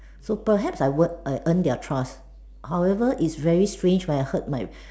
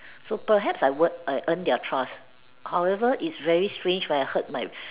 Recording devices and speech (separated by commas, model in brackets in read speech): standing microphone, telephone, conversation in separate rooms